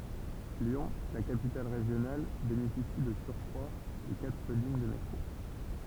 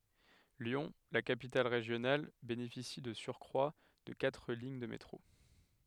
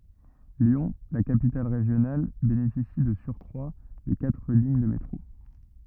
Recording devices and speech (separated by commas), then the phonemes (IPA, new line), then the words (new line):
temple vibration pickup, headset microphone, rigid in-ear microphone, read sentence
ljɔ̃ la kapital ʁeʒjonal benefisi də syʁkʁwa də katʁ liɲ də metʁo
Lyon, la capitale régionale, bénéficie de surcroit de quatre lignes de métro.